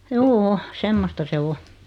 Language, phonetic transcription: Finnish, juu₍"u , 'semmosta 'se "o .
- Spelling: juu semmoista se on

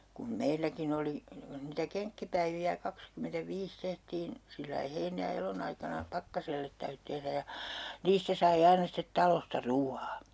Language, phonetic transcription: Finnish, kum 'meilläkin ‿oli , (niŋ kun) niitä "keŋkkipäivi₍ä 'kakskymentäviis 'tehtiin , sillai 'heinä - ja 'elonaikana , "Pakkasellet 'täytʸ tehrä ja , 'niistä sai 'aina stet 'talosta "ruu₍aa .
- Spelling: kun meilläkin oli niin kuin niitä kenkkipäiviä kaksikymmentäviisi tehtiin sillä lailla heinä- ja elonaikana Pakkaselle täytyi tehdä ja niistä sai aina sitten talosta ruoan

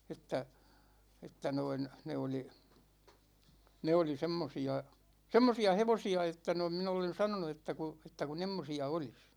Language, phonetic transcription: Finnish, 'et̆tä , 'että noin , 'ne oli , 'ne oli 'semmosi₍a , 'semmosi₍a "hevosi₍a että noim min ‿olen̬ 'sanonu että ku , että ku 'n̳§emmosi₍a olis .
- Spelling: että että noin ne oli ne oli semmoisia semmoisia hevosia että noin minä olen sanonut että kun että kun semmoisia olisi

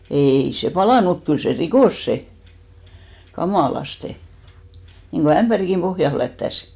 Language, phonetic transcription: Finnish, 'èi se "palànu muk 'kyl se "rikòs 'se , 'kamàlaste , niŋko "ämʙäriŋki(m) 'pohjan̬ 'flättäs !
- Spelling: ei se palanut mutta kyllä se rikkoi se kamalasti niin kuin ämpärinkin pohjan flättäsi

